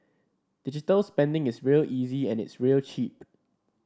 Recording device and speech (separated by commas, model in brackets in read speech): standing microphone (AKG C214), read sentence